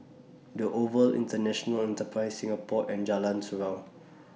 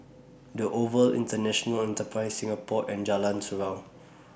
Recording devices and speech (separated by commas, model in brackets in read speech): mobile phone (iPhone 6), boundary microphone (BM630), read sentence